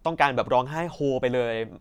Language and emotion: Thai, neutral